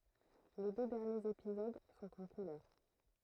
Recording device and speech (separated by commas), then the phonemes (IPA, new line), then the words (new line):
throat microphone, read sentence
le dø dɛʁnjez epizod sɔ̃t ɑ̃ kulœʁ
Les deux derniers épisodes sont en couleur.